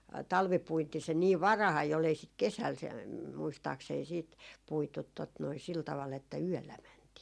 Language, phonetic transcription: Finnish, 'talvipuinti se niiv "varahai ol ei sit 'kesäl se- , muistaaksei siit , 'puitut tot noi 'sil taval että "yöllä 'mäntii .
- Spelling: talvipuinti se niin varhain oli ei sitä kesällä - muistaakseni sitten puitu tuota noin sillä tavalla että yöllä mentiin

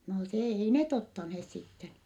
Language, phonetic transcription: Finnish, no se , ei net ottanhees sitten .
- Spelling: no se ei ne ottaneet sitten

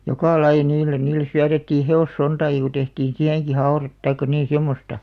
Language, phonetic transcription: Finnish, joka 'laiʲᵃ niillen 'niilles syätettii 'he₍os'sontaaki ku tehtiin 'siäheŋki "hau̬ret taikka 'niin̬ 'semmosta .
- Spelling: joka lajia niille niille syötettiin hevossontaakin kun tehtiin siihenkin haude tai niin semmoista

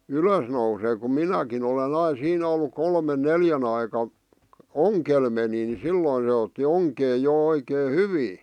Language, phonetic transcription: Finnish, ylös nousee kum "minäkin ‿olen 'ai 'siin ‿ollu 'kolmen "neljän ‿aika , "oŋkel meni ni 'silloⁱ ne otti 'oŋkee jo 'oikee "hyvii .
- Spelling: ylös nousee kun minäkin olen aina siinä ollut kolmen neljän aikaan ongella menin niin silloin ne otti onkeen jo oikein hyvin

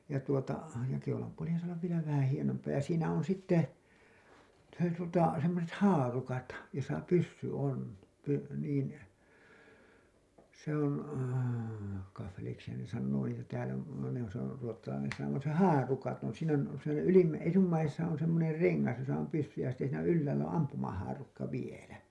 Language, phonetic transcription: Finnish, ja tuota , ja keulampuolihan saa ollav vielä vähän hienompaa ja siinä on sitte , se tuota , semmoset "haarukat , josa 'pyssy on , py- , niin , se ‿on , kaffeliksihan ne sannoo niitä täälä , ne ‿on , se ‿on ruottalainen sana (kun se) , "haarukat on , siin ‿on , siinä ylimmäi- , 'etummaisesa on semmoner 'reŋŋas josa om 'pyssy ja sitte siinä 'yl-läälÄ oo̰ 'ampumahaarukka 'vielä .
- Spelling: ja tuota ja keulanpuolihan saa olla vielä vähän hienompaa ja siinä on sitten se tuota semmoiset haarukat jossa pyssy on - niin se on kaffeliksihan ne sanoo niitä täällä ne on se on ruotsalainen sana kun se haarukat on siinä on siinä - etummaisessa on semmoinen rengas jossa on pyssy ja sitten siinä ylhäällä on ampumahaarukka vielä

